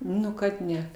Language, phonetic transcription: Lithuanian, ˈnu kad ˈne

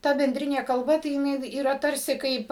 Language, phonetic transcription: Lithuanian, ˈta benˈdrinė kalˈba tai jiˈnai yˈra ˈtarsi ˈkaip

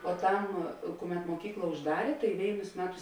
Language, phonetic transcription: Lithuanian, poˈtam ˈkuˌmet moˈkykla užˈdarė tai ˈvėinus ˈmeˌtus

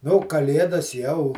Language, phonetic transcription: Lithuanian, ˈnū kaˈlėdas jau

